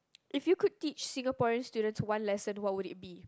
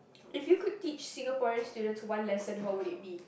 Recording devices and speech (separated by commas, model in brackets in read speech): close-talking microphone, boundary microphone, conversation in the same room